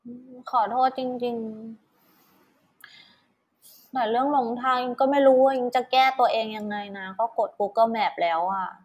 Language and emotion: Thai, frustrated